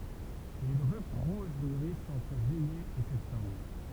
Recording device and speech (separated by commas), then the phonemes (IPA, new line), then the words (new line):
temple vibration pickup, read sentence
le dʁyp ʁuʒ myʁist ɑ̃tʁ ʒyijɛ e sɛptɑ̃bʁ
Les drupes rouges mûrissent entre juillet et septembre.